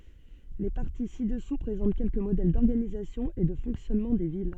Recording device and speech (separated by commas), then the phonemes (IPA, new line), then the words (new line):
soft in-ear microphone, read sentence
le paʁti si dəsu pʁezɑ̃t kɛlkə modɛl dɔʁɡanizasjɔ̃ e də fɔ̃ksjɔnmɑ̃ de vil
Les parties ci-dessous présentent quelques modèles d'organisation et de fonctionnement des villes.